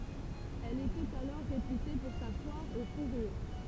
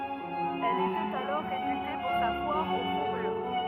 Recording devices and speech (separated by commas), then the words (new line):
temple vibration pickup, rigid in-ear microphone, read sentence
Elle était alors réputée pour sa foire aux fourrures.